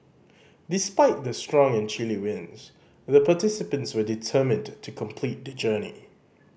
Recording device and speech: boundary microphone (BM630), read sentence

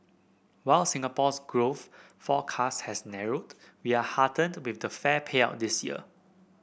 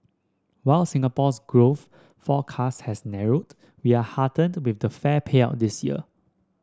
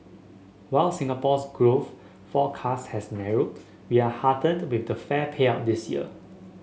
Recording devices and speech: boundary microphone (BM630), standing microphone (AKG C214), mobile phone (Samsung S8), read sentence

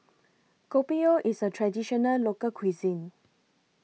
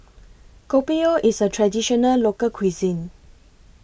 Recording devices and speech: mobile phone (iPhone 6), boundary microphone (BM630), read sentence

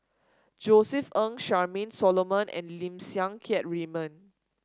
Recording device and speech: standing microphone (AKG C214), read sentence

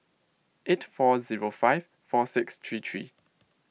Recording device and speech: mobile phone (iPhone 6), read sentence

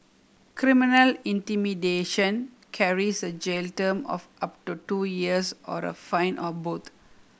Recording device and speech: boundary microphone (BM630), read sentence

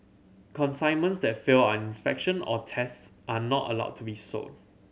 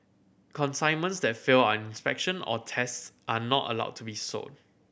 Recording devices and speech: mobile phone (Samsung C7100), boundary microphone (BM630), read sentence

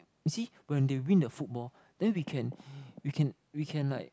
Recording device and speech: close-talking microphone, conversation in the same room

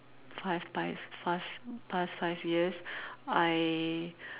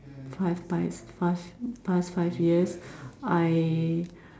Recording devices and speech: telephone, standing microphone, conversation in separate rooms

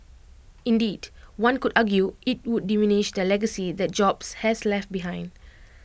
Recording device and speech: boundary microphone (BM630), read sentence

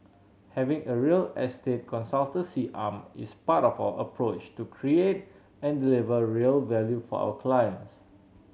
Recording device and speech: mobile phone (Samsung C7100), read sentence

